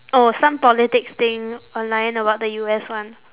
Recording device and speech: telephone, conversation in separate rooms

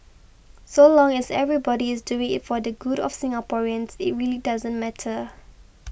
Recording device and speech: boundary microphone (BM630), read sentence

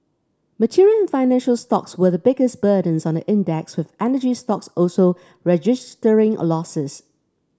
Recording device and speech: standing microphone (AKG C214), read sentence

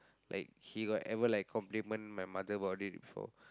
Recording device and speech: close-talking microphone, conversation in the same room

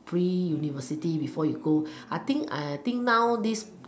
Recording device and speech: standing microphone, conversation in separate rooms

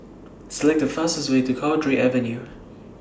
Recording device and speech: standing microphone (AKG C214), read sentence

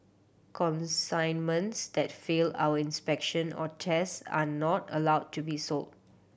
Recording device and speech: boundary microphone (BM630), read sentence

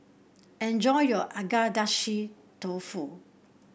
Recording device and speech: boundary microphone (BM630), read sentence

